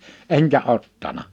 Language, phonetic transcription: Finnish, 'eŋkä 'ottana .
- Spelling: enkä ottanut

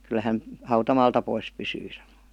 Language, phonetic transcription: Finnish, 'kyl » 'hän , "hautamaalta 'pois pysyy « sanoI .
- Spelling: kyllä hän hautamaalta pois pysyy sanoi

